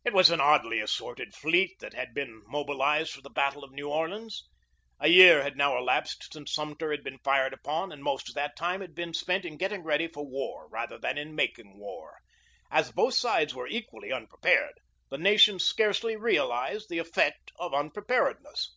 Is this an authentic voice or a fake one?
authentic